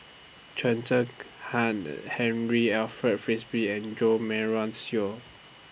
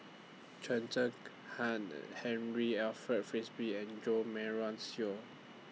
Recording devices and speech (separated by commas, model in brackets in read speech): boundary microphone (BM630), mobile phone (iPhone 6), read sentence